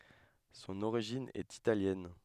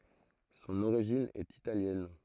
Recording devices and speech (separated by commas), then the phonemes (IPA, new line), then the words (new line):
headset microphone, throat microphone, read sentence
sɔ̃n oʁiʒin ɛt italjɛn
Son origine est italienne.